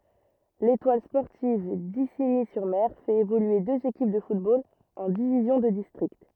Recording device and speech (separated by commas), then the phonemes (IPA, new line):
rigid in-ear microphone, read sentence
letwal spɔʁtiv diziɲi syʁ mɛʁ fɛt evolye døz ekip də futbol ɑ̃ divizjɔ̃ də distʁikt